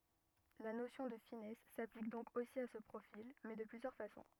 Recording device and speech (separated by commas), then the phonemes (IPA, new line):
rigid in-ear microphone, read sentence
la nosjɔ̃ də finɛs saplik dɔ̃k osi a sə pʁofil mɛ də plyzjœʁ fasɔ̃